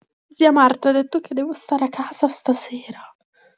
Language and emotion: Italian, sad